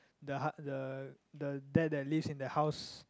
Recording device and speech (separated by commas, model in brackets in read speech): close-talking microphone, conversation in the same room